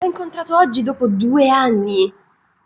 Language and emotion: Italian, surprised